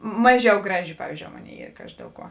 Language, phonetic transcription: Lithuanian, ˈmaˌžiau ˈgraˌži ˈpavyzdžiou ˈmoˌnėi ˈyr ˈkaži ˈdėl ˌkuo

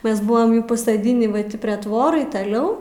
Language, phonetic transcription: Lithuanian, ˈmes ˈbuvam pasaˈdinį va ˈtį prie ˈtvorai taˈliau

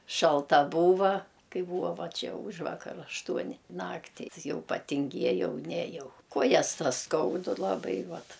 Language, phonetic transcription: Lithuanian, šalˈta ˈbūva ˈkai ˈbūva ˈva ˈčia ˈūžvakar ašˈtuoni ˈnaktį ˈjau patinˈgiejau ˈnejau ˈkuojas ˈtas ˈskaudu laˈbai ˈvat

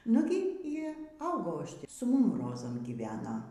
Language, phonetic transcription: Lithuanian, ˈnugi y ˈaugau ˈaš ˈtį su ˈmum ˈrozam gyˈvena

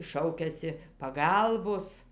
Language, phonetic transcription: Lithuanian, ˈšaukiasi paˈgalbos

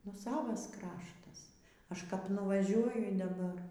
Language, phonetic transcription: Lithuanian, nu ˈsavas ˈkraštas ˈaš kap nuvaˈžiuoju daˈbar

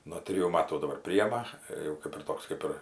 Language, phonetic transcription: Lithuanian, no ˈtrijų ˈmatų daˈbar ˈprijema ˈir jau ˈkėp ir ˈtoks ˈkėp ir

